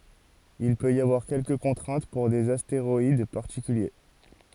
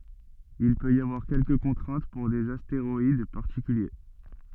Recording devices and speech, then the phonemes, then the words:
forehead accelerometer, soft in-ear microphone, read sentence
il pøt i avwaʁ kɛlkə kɔ̃tʁɛ̃t puʁ dez asteʁɔid paʁtikylje
Il peut y avoir quelques contraintes pour des astéroïdes particuliers.

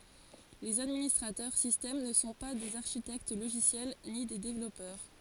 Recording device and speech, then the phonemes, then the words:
forehead accelerometer, read sentence
lez administʁatœʁ sistɛm nə sɔ̃ pa dez aʁʃitɛkt loʒisjɛl ni de devlɔpœʁ
Les administrateurs système ne sont pas des architectes logiciels ni des développeurs.

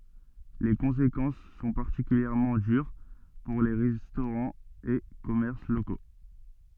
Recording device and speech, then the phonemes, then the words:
soft in-ear microphone, read sentence
le kɔ̃sekɑ̃s sɔ̃ paʁtikyljɛʁmɑ̃ dyʁ puʁ le ʁɛstoʁɑ̃z e kɔmɛʁs loko
Les conséquences sont particulièrement dures pour les restaurants et commerces locaux.

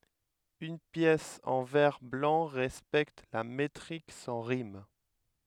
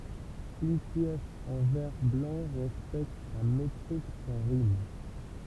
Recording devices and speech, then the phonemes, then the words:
headset microphone, temple vibration pickup, read sentence
yn pjɛs ɑ̃ vɛʁ blɑ̃ ʁɛspɛkt la metʁik sɑ̃ ʁim
Une pièce en vers blancs respecte la métrique sans rimes.

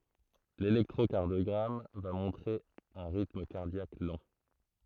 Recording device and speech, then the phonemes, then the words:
throat microphone, read sentence
lelɛktʁokaʁdjɔɡʁam va mɔ̃tʁe œ̃ ʁitm kaʁdjak lɑ̃
L'électrocardiogramme va montrer un rythme cardiaque lent.

